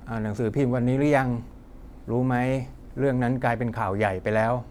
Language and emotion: Thai, neutral